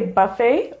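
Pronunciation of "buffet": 'Buffet' is pronounced incorrectly here.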